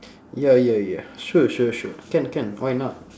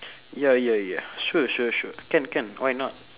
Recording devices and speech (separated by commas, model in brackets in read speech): standing microphone, telephone, conversation in separate rooms